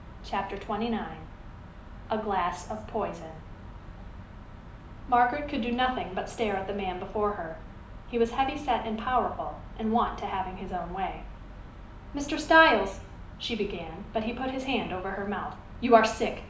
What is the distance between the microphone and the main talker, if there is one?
2.0 m.